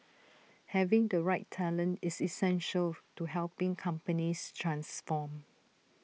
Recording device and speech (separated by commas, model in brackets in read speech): mobile phone (iPhone 6), read sentence